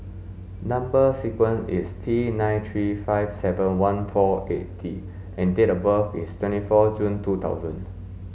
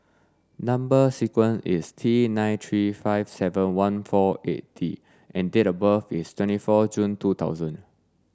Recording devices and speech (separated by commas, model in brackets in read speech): mobile phone (Samsung S8), standing microphone (AKG C214), read sentence